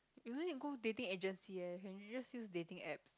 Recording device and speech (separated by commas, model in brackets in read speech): close-talking microphone, conversation in the same room